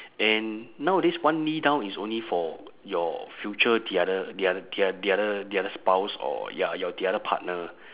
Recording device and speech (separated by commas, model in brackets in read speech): telephone, conversation in separate rooms